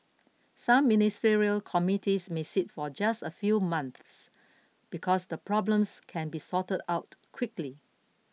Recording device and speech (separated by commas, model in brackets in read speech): mobile phone (iPhone 6), read sentence